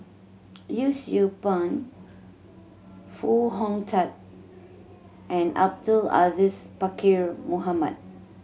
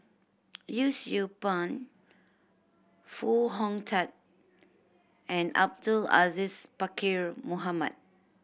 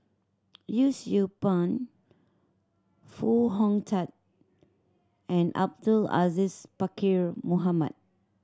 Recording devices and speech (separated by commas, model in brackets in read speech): mobile phone (Samsung C7100), boundary microphone (BM630), standing microphone (AKG C214), read sentence